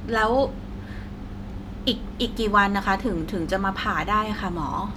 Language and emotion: Thai, neutral